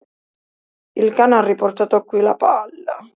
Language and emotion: Italian, sad